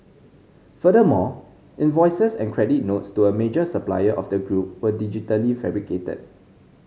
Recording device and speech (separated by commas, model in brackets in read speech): mobile phone (Samsung C5010), read sentence